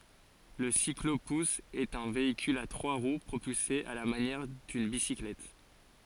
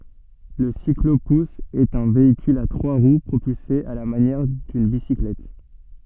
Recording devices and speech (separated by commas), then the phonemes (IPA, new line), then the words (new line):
forehead accelerometer, soft in-ear microphone, read sentence
lə siklopus ɛt œ̃ veikyl a tʁwa ʁw pʁopylse a la manjɛʁ dyn bisiklɛt
Le cyclo-pousse est un véhicule à trois roues propulsé à la manière d'une bicyclette.